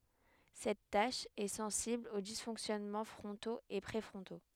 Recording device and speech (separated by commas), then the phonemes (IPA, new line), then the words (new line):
headset microphone, read sentence
sɛt taʃ ɛ sɑ̃sibl o disfɔ̃ksjɔnmɑ̃ fʁɔ̃toz e pʁefʁɔ̃to
Cette tâche est sensible aux dysfonctionnements frontaux et préfrontaux.